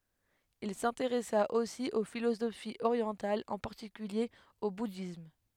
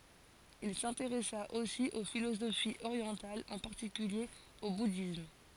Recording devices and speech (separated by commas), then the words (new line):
headset microphone, forehead accelerometer, read sentence
Il s'intéressa aussi aux philosophies orientales, en particulier au bouddhisme.